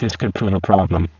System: VC, spectral filtering